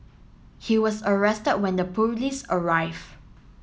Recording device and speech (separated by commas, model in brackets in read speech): mobile phone (Samsung S8), read sentence